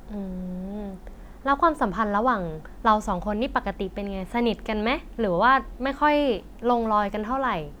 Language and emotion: Thai, neutral